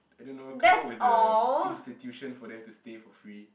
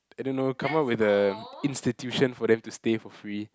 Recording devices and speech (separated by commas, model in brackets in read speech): boundary microphone, close-talking microphone, conversation in the same room